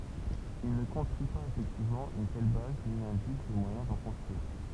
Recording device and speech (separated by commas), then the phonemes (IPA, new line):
temple vibration pickup, read sentence
il nə kɔ̃stʁyi paz efɛktivmɑ̃ yn tɛl baz ni nɛ̃dik də mwajɛ̃ dɑ̃ kɔ̃stʁyiʁ